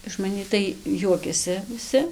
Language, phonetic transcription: Lithuanian, iš maˈnį tai ˈjuokiasi viˈsi

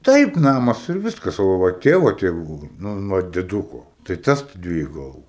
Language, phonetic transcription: Lithuanian, ˈtaip ˈnamas ir ˈviskas o ˈva va ˈtėvo tėˈvų ˈnun ˈva deˈduko tai ˈtas ˈdvieju gaˈlų

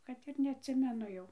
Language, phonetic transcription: Lithuanian, ˈkad ir neatˈsimenu ˈjau

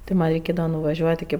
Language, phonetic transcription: Lithuanian, ti ˈman' reiˈkėdava nuvaˈžiuot' iki

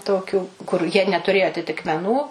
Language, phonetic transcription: Lithuanian, ˈtokių kur jie netuˈrėjo atitikmeˈnų

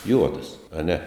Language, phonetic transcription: Lithuanian, ˈjuodas aˈne

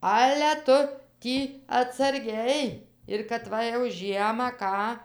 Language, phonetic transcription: Lithuanian, ˈale ˈtu ˈtį atsarˈgiai ir kad ˈva jau ˈžiemą ˈką

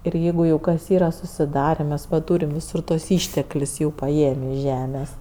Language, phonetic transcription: Lithuanian, ir ˈjeigu jau kas ˈyra susiˈdarė mes va ˈtūrim viˈsur tuos ˈįšteklius jau paˈėmi iš ˈžemės

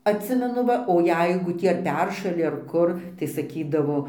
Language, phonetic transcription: Lithuanian, atˈsimenu ˈva o ˈjeigu ˈtį ar ˈperšali ar ˈkur tai saˈkydavo

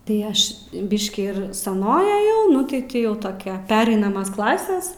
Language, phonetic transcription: Lithuanian, tai ˈaš ˈbiškį ir saˈnoj aˈjau ˈnu ti ˈtį ˈjau ˈtokia ˈperainamas ˈklases

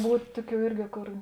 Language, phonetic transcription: Lithuanian, ˈbūt' ˈtuˌkių ˈirgi ˈkor

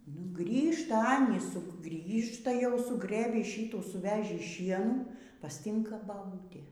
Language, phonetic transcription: Lithuanian, nu ˈgrįžta ˈanys ˈsu ˈgrįžta jau suˈgrɘbį ˈšyų suˈvežį ˈšienų pasˈtinka baˈbūtė

